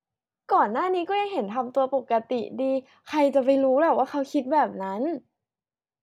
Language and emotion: Thai, happy